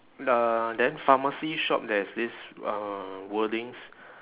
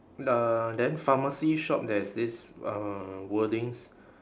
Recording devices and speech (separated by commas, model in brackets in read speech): telephone, standing microphone, conversation in separate rooms